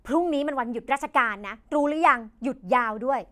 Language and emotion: Thai, angry